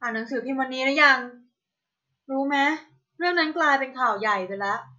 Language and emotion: Thai, neutral